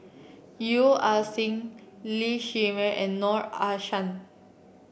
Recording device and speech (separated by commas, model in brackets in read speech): boundary microphone (BM630), read sentence